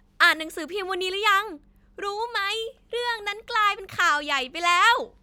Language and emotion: Thai, happy